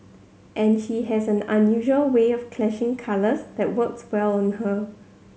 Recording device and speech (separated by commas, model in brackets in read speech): mobile phone (Samsung C7100), read sentence